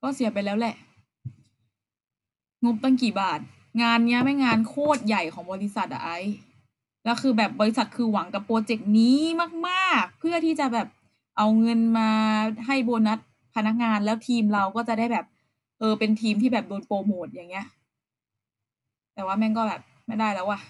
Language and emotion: Thai, frustrated